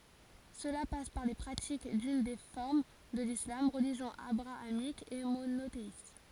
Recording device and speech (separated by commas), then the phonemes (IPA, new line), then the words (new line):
forehead accelerometer, read sentence
səla pas paʁ le pʁatik dyn de fɔʁm də lislam ʁəliʒjɔ̃ abʁaamik e monoteist
Cela passe par les pratiques d'une des formes de l'islam, religion abrahamique et monothéiste.